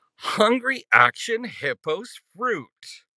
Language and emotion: English, disgusted